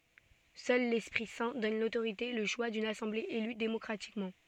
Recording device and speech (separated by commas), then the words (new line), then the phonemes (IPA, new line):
soft in-ear microphone, read sentence
Seul l'Esprit Saint donne l'autorité, et le choix d'une assemblée élue démocratiquement.
sœl lɛspʁi sɛ̃ dɔn lotoʁite e lə ʃwa dyn asɑ̃ble ely demɔkʁatikmɑ̃